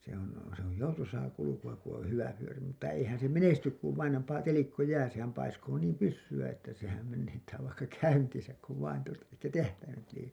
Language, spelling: Finnish, se on se on joutuisaa kulkua kun on hyvä vyöri mutta eihän se menesty kun vain on paha telikköjää sehän paiskoo niin pyssyä että sehän menettää vaikka käyntinsä kun vain tuota että tähtäimet liikkuvat
- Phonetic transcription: se ‿on̬ , se ‿oj "joutusaa 'kuluku₍a ku ‿oo̰ 'hyvä fyöri mutta 'eihän se "menestyk kuv vain om pa[ha] 'telikköjää sehäm 'paiskoo niim "pyssy₍ä että sehäm menettää vaikka "käyntisäk kuv vain tuota , että 'tähtäimet liikkuva(t) .

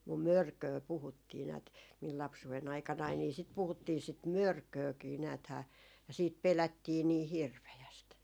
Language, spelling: Finnish, mutta mörköä puhuttiin näet minun lapsuuden aikanani niin sitä puhuttiin sitten mörköäkin näethän ja sitten pelättiin niin hirveästi
- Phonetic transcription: 'mum "mörköö 'puhuttii näät , mil 'lapsuʷen ‿aikanai nì sit 'puhuttii sit "mörköökii 'nääthää , ja siit 'pelättii nii "hirvejäst .

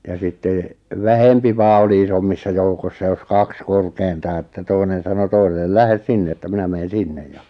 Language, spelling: Finnish, ja sitten vähempi vain oli isommissa joukoissa jos kaks korkeintaan että toinen sanoi toiselle lähde sinne että minä menen sinne ja
- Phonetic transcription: ja sittè , 'vähempi vaa oli 'isommissa joukossa jos "kaks 'korkeintaa että 'toinen̬ sano 'toisellel » "lähes 'sinne että "minä meen̬ 'sinnej « ja .

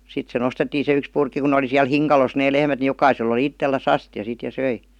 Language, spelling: Finnish, sitten se nostettiin se yksi purkki kun ne oli siellä hinkalossa ne lehmät niin jokaisella oli itsellään astia sitten ja söi
- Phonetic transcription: 'sit se "nostettiin se 'yks purkki ku ne oli siäl "hiŋkalos nee 'lehmät ni 'jokaisel‿ oli "ittelläs 'astja sit ja "söi .

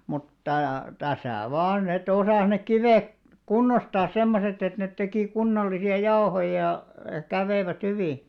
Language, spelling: Finnish, mutta tässä vain että osasi ne kivet kunnostaa semmoiset että ne teki kunnollisia jauhoja ja kävivät hyvin
- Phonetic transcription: mutta , 'täsä̀ "vaan ‿e't ‿osàs nek 'kivek , "kunnostaas 'semmoset ‿et 'net tekì kunnollisi₍a "jaohoja , ja , 'käveivät "hyvì .

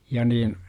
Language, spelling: Finnish, ja niin
- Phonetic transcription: ja niin̬ , .

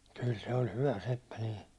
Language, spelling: Finnish, kyllä se oli hyvä seppä niin
- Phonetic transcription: kyl 'se oĺ "hyvä 'seppä nii .

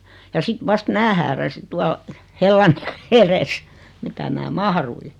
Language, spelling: Finnish, ja sitten vasta minä hääräsin tuolla hellan edessä mitä minä mahduin
- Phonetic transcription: ja 'sit 'vast "mää hääräsi 'tual , 'hellan , eres , 'mitä mää "mahrui .

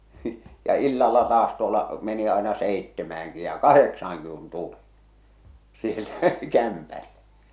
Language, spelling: Finnish, ja illalla taas tuolla meni aina seitsemäänkin ja kahdeksaankin kun tuli sieltä kämpälle
- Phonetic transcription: ja 'illalla 'taas tuolla , meni àena 'sèittemääŋki ja "kaheksaaŋki kun "tuli , sieltä , 'kämpällᴇ .

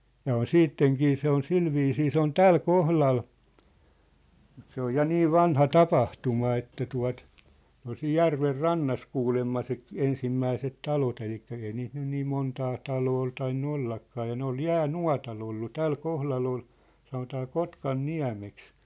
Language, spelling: Finnish, ja on sittenkin se on sillä viisiin se on tällä kohdalla mutta se on ja niin vanha tapahtuma että tuo ne oli siinä järven rannassa kuulemma se - ensimmäiset talot eli ei niitä nyt niin montaa taloa ole tainnut ollakaan ja ne oli jäänuotalla ollut tällä kohdalla oli sanotaan Kotkanniemeksi
- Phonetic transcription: ja on "siitteŋkii 'se on "silviisii 'se ‿on "täl "kohlal , mut se ‿oj 'ja "niiv̆ "vanha "tapahtuma että tua̭t , ne ‿ol siij "järver "rannas 'kuulemma se ‿k- , 'ensimmäiset 'talot elikkä ei niit nyn niim 'montaa , 'taloo ol tainnu 'ollakkaa ja 'ne ‿ol "jää'nua̭tal ‿ollu "täl 'kohlal ‿ol , sanotaa "Kotkan'niä̭meks .

